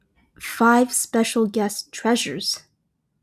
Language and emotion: English, fearful